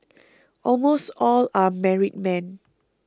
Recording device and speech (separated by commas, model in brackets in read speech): close-talking microphone (WH20), read sentence